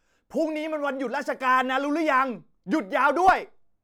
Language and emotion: Thai, angry